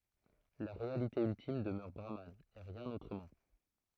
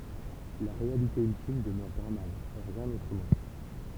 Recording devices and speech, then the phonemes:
throat microphone, temple vibration pickup, read sentence
la ʁealite yltim dəmœʁ bʁaman e ʁjɛ̃n otʁəmɑ̃

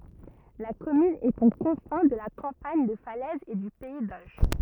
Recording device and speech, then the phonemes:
rigid in-ear microphone, read sentence
la kɔmyn ɛt o kɔ̃fɛ̃ də la kɑ̃paɲ də falɛz e dy pɛi doʒ

